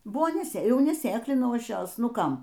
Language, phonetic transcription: Lithuanian, ˈbuvo neˈsė ˈjau neˈsėklinau ˈaš ˈjos ˈnu ˈkam

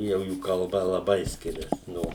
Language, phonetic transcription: Lithuanian, jau ˈjų kalˈba laˈbai ˈskirias ˈno

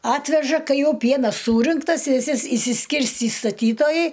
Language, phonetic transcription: Lithuanian, ˈatveža ˈkai ˈjau ˈpienas ˈsūrinktas viˈsi isi šsiˈskirstį staˈtytojai

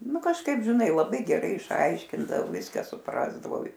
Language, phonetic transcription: Lithuanian, ˈnu kažˈkaip žiˈnai laˈbai geˈrai išˈaiškindav ˈviską suˈprasdavau

